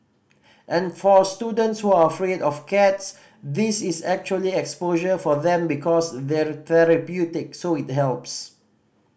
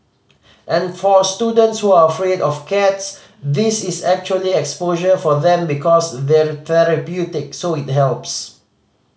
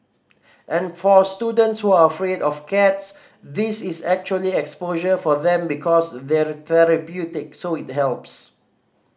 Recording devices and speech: boundary microphone (BM630), mobile phone (Samsung C5010), standing microphone (AKG C214), read sentence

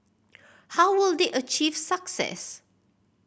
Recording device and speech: boundary microphone (BM630), read sentence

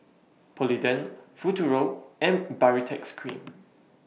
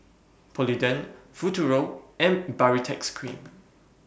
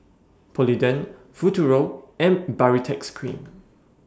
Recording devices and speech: mobile phone (iPhone 6), boundary microphone (BM630), standing microphone (AKG C214), read sentence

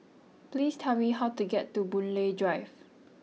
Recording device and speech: mobile phone (iPhone 6), read sentence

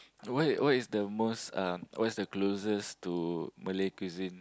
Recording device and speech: close-talking microphone, conversation in the same room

